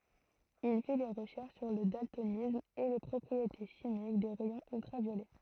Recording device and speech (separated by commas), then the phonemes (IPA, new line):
throat microphone, read sentence
il fi de ʁəʃɛʁʃ syʁ lə daltonism e le pʁɔpʁiete ʃimik de ʁɛjɔ̃z yltʁavjolɛ